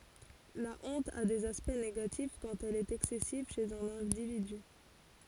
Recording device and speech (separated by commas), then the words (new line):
forehead accelerometer, read sentence
La honte a des aspects négatifs quand elle est excessive chez un individu.